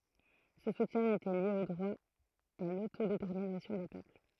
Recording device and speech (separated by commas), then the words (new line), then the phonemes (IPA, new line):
throat microphone, read sentence
Ce soutien était lié au droit à l'autodétermination des peuples.
sə sutjɛ̃ etɛ lje o dʁwa a lotodetɛʁminasjɔ̃ de pøpl